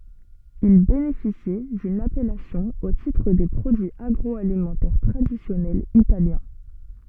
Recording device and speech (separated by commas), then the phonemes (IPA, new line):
soft in-ear microphone, read sentence
il benefisi dyn apɛlasjɔ̃ o titʁ de pʁodyiz aɡʁɔalimɑ̃tɛʁ tʁadisjɔnɛlz italjɛ̃